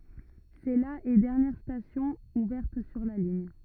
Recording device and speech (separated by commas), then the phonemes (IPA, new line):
rigid in-ear microphone, read sentence
sɛ la e dɛʁnjɛʁ stasjɔ̃ uvɛʁt syʁ la liɲ